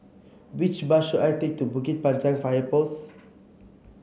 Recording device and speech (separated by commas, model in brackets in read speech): mobile phone (Samsung C7), read sentence